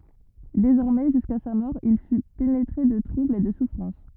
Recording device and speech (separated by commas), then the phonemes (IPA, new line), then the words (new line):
rigid in-ear microphone, read sentence
dezɔʁmɛ ʒyska sa mɔʁ il fy penetʁe də tʁubl e də sufʁɑ̃s
Désormais jusqu'à sa mort il fut pénétré de trouble et de souffrance.